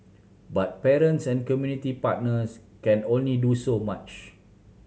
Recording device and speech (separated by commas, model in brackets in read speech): mobile phone (Samsung C7100), read sentence